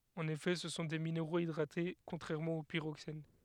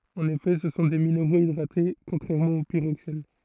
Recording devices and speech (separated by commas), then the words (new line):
headset microphone, throat microphone, read sentence
En effet ce sont des minéraux hydratés contrairement aux pyroxènes.